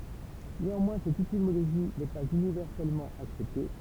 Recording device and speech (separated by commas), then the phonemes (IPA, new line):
temple vibration pickup, read sentence
neɑ̃mwɛ̃ sɛt etimoloʒi nɛ paz ynivɛʁsɛlmɑ̃ aksɛpte